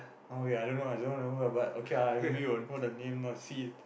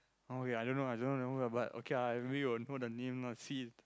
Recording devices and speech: boundary microphone, close-talking microphone, conversation in the same room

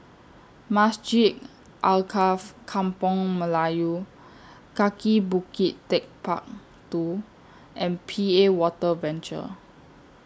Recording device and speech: standing microphone (AKG C214), read sentence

